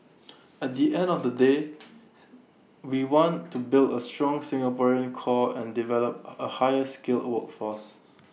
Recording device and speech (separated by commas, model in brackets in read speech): mobile phone (iPhone 6), read sentence